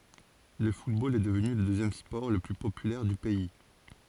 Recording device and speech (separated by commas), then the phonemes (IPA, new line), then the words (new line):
forehead accelerometer, read sentence
lə futbol ɛ dəvny lə døzjɛm spɔʁ lə ply popylɛʁ dy pɛi
Le football est devenu le deuxième sport le plus populaire du pays.